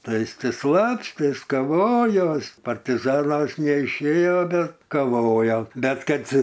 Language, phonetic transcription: Lithuanian, ˈtai ˈis ˈti ˈslapstės kaˈvojos partiˈzanais neišˈėjo ˈbet kaˈvojo ˈbet ˈkad

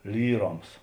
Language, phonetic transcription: Lithuanian, ˈlyˌroms

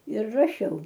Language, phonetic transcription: Lithuanian, ir raˈšiau

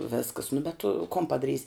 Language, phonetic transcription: Lithuanian, ˈvėskas nu bet tu kon padaˈrys'

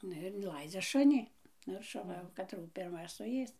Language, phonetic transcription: Lithuanian, ˈnu ir inˈlaidzia ˈšuni ˈnu ir šuˈva jau kaˈtrų pirˈma suˈės

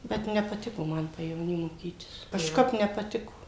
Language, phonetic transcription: Lithuanian, ˈbet nepaˈtiko ˈman pajevoˈny moˈkytis kažˈkap nepaˈtiko

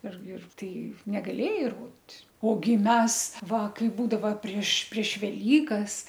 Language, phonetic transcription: Lithuanian, ir ir ˈtai negaˈlėjai ir ˈrodit' oˈgi ˈmes ˈva ˈkai ˈbūdava prieš prieš veˈlykas

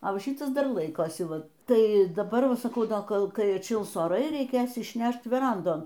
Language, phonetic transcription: Lithuanian, a ˈva ˈšytas dar ˈlaikosi ˈva ˈtai daˈbar saˈkau o ˈkol ˈkai atˈšils oˈrai reiˈkės išˈnešt veˈrandon

